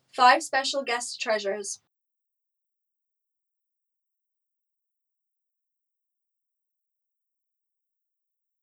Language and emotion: English, neutral